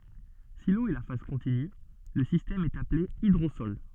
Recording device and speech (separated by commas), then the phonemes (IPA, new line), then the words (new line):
soft in-ear microphone, read sentence
si lo ɛ la faz kɔ̃tiny lə sistɛm ɛt aple idʁosɔl
Si l'eau est la phase continue, le système est appelé hydrosol.